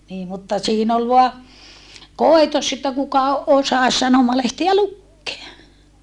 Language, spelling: Finnish, niin mutta siinä oli vain koitos että kuka osasi sanomalehtiä lukea
- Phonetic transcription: nii mutta siin ‿ol voa , kòitos että kuka osas sanomalehtiä lukkea .

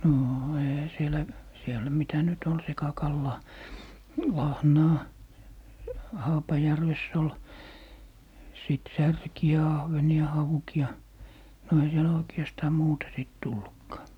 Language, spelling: Finnish, no eihän siellä siellä mitä nyt oli sekakalaa lahnaa Haapajärvessä oli sitten särkiä ahvenia haukia no ei siellä oikeastaan muuta sitten tullutkaan
- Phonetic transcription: noo , eihä sielä , 'siel̀ä mitä nyt ‿ol 'sekakallaa , "lahnaa , 'Haapajärvess ‿ol , 'sìt "särki₍ä "ahveni₍a "hauki₍a , no ei siel 'oiki̮astaa "muuta sìt 'tullukkaa .

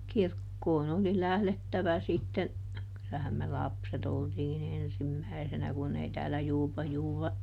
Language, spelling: Finnish, kirkkoon oli lähdettävä sitten kylään me lapset oltiin ensimmäisenä kun ei täällä - -
- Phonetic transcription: "kirkkoon ‿oli ˈlählettävä sitten , kylähäm me "lapset ‿oltiiˈn ‿ensim"mäisenä kun ei täälä ˈJuupa- Juuva- ,.

